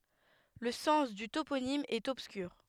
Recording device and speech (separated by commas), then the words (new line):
headset microphone, read sentence
Le sens du toponyme est obscur.